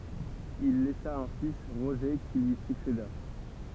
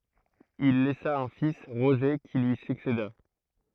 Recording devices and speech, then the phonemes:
temple vibration pickup, throat microphone, read sentence
il lɛsa œ̃ fis ʁoʒe ki lyi sykseda

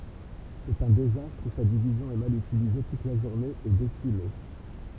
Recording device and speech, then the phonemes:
temple vibration pickup, read sentence
sɛt œ̃ dezastʁ u sa divizjɔ̃ ɛ mal ytilize tut la ʒuʁne e desime

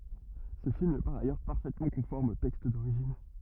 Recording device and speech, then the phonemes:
rigid in-ear microphone, read sentence
sə film ɛ paʁ ajœʁ paʁfɛtmɑ̃ kɔ̃fɔʁm o tɛkst doʁiʒin

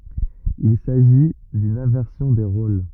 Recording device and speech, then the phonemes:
rigid in-ear microphone, read sentence
il saʒi dyn ɛ̃vɛʁsjɔ̃ de ʁol

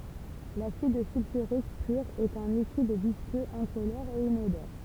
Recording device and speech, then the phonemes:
temple vibration pickup, read sentence
lasid sylfyʁik pyʁ ɛt œ̃ likid viskøz ɛ̃kolɔʁ e inodɔʁ

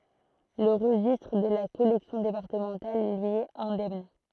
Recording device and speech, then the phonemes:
throat microphone, read sentence
lə ʁəʒistʁ də la kɔlɛksjɔ̃ depaʁtəmɑ̃tal lyi ɛt ɛ̃dɛmn

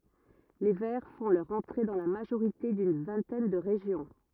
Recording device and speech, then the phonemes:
rigid in-ear microphone, read sentence
le vɛʁ fɔ̃ lœʁ ɑ̃tʁe dɑ̃ la maʒoʁite dyn vɛ̃tɛn də ʁeʒjɔ̃

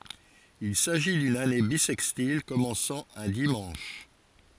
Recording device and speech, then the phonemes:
forehead accelerometer, read sentence
il saʒi dyn ane bisɛkstil kɔmɑ̃sɑ̃ œ̃ dimɑ̃ʃ

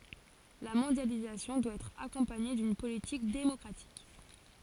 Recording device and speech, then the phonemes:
forehead accelerometer, read sentence
la mɔ̃djalizasjɔ̃ dwa ɛtʁ akɔ̃paɲe dyn politik demɔkʁatik

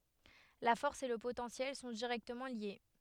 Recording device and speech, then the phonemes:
headset microphone, read sentence
la fɔʁs e lə potɑ̃sjɛl sɔ̃ diʁɛktəmɑ̃ lje

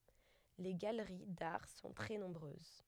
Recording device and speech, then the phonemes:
headset microphone, read sentence
le ɡaləʁi daʁ sɔ̃ tʁɛ nɔ̃bʁøz

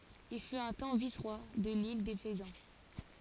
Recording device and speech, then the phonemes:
forehead accelerometer, read sentence
il fyt œ̃ tɑ̃ visʁwa də lil de fəzɑ̃

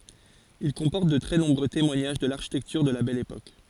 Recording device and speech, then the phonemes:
forehead accelerometer, read sentence
il kɔ̃pɔʁt də tʁɛ nɔ̃bʁø temwaɲaʒ də laʁʃitɛktyʁ də la bɛl epok

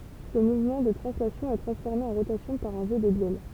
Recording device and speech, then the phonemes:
temple vibration pickup, read sentence
sə muvmɑ̃ də tʁɑ̃slasjɔ̃ ɛ tʁɑ̃sfɔʁme ɑ̃ ʁotasjɔ̃ paʁ œ̃ ʒø də bjɛl

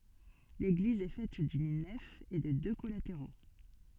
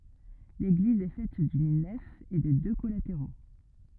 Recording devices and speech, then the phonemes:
soft in-ear microphone, rigid in-ear microphone, read sentence
leɡliz ɛ fɛt dyn nɛf e də dø kɔlateʁo

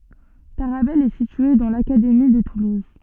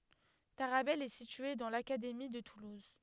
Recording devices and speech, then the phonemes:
soft in-ear microphone, headset microphone, read sentence
taʁabɛl ɛ sitye dɑ̃ lakademi də tuluz

